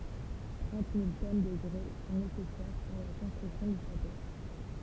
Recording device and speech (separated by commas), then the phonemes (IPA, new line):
temple vibration pickup, read sentence
tʁɑ̃t mil tɔn də ɡʁɛ sɔ̃ nesɛsɛʁ puʁ la kɔ̃stʁyksjɔ̃ dy ʃato